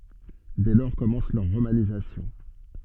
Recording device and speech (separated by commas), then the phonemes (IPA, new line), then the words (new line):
soft in-ear microphone, read sentence
dɛ lɔʁ kɔmɑ̃s lœʁ ʁomanizasjɔ̃
Dès lors commence leur romanisation.